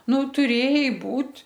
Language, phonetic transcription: Lithuanian, ˈnu tuˈrėjai ˈbūt'

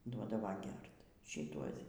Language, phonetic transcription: Lithuanian, ˈduodava ˈgert šiˈtuos

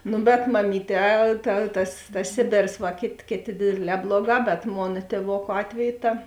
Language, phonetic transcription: Lithuanian, ˈnu bet maˈmyˌtē ta tas tas ˈsėbėrs va ˈkėt' ˈkėˌtė ˈdėdėˌlē ˈbloˌgā bet ˈmona tėˈvoku ˈatveju ˈta

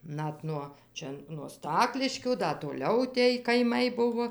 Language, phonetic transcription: Lithuanian, ˈnat nuo ˈčia nuo ˈstakliškių ˈda toˈliau tėj kaiˈmai ˈbuvo

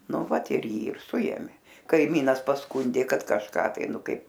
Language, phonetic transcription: Lithuanian, ˈnu ˈvat ir ˈjį ir ˈsuėmė kaiˈmynas pasˈkundė ˈkad kažˈką tai ˈnu ˈkaip

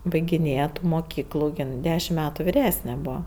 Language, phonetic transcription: Lithuanian, baigiˈnėje ˈtų moˈkyklų ˈjin ˈdešim ˈmetu viˈresne ˈbūva

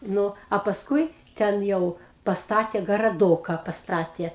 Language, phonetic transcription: Lithuanian, ˈnu a pasˈkui ˈten ˈjau pasˈtatė garaˈdoka pasˈtatė

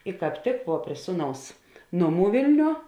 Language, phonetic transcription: Lithuanian, i kāp ˈtik vuo prie ˈsūˌnaus ˈnoˌmų ˈvėlniuo

